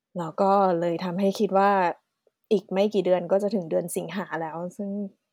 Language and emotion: Thai, neutral